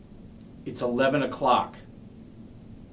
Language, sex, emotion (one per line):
English
male
angry